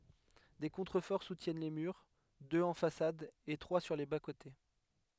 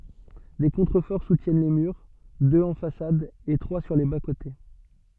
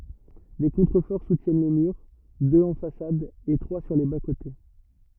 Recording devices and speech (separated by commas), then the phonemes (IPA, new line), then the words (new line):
headset microphone, soft in-ear microphone, rigid in-ear microphone, read sentence
de kɔ̃tʁəfɔʁ sutjɛn le myʁ døz ɑ̃ fasad e tʁwa syʁ le baskote
Des contreforts soutiennent les murs, deux en façade et trois sur les bas-côtés.